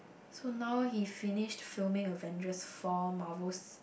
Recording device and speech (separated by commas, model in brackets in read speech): boundary microphone, conversation in the same room